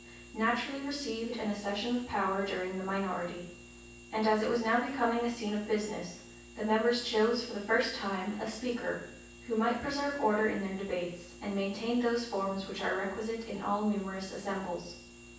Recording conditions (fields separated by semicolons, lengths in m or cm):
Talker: one person; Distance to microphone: 9.8 m; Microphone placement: far; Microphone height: 1.8 m; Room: large; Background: none